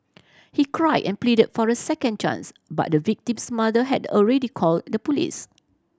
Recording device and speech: standing microphone (AKG C214), read sentence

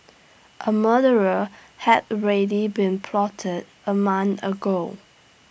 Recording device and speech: boundary microphone (BM630), read sentence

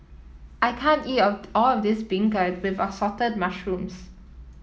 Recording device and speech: mobile phone (iPhone 7), read sentence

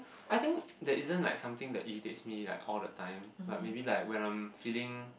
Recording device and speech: boundary microphone, conversation in the same room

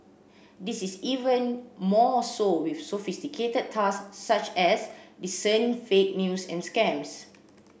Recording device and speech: boundary microphone (BM630), read sentence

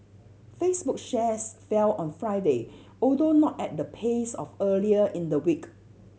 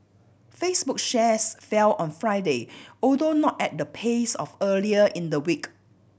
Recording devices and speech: mobile phone (Samsung C7100), boundary microphone (BM630), read sentence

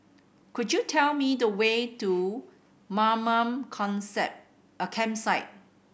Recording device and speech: boundary microphone (BM630), read sentence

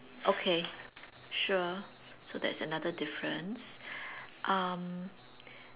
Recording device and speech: telephone, conversation in separate rooms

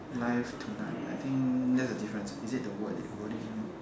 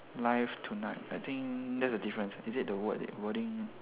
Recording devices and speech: standing microphone, telephone, conversation in separate rooms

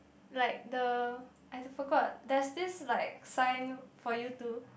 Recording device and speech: boundary microphone, conversation in the same room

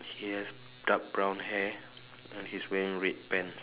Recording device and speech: telephone, conversation in separate rooms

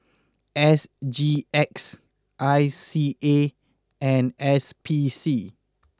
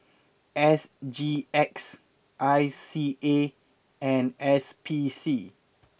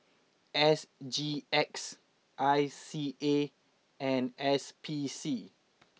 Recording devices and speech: close-talking microphone (WH20), boundary microphone (BM630), mobile phone (iPhone 6), read sentence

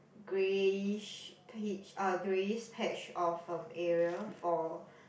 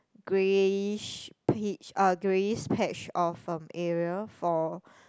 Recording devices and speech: boundary microphone, close-talking microphone, conversation in the same room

